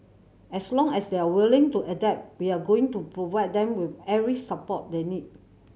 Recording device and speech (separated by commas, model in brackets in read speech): mobile phone (Samsung C7100), read sentence